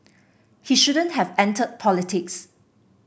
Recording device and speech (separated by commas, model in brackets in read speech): boundary microphone (BM630), read sentence